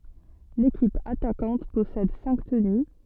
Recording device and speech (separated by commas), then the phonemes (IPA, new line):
soft in-ear microphone, read sentence
lekip atakɑ̃t pɔsɛd sɛ̃k təny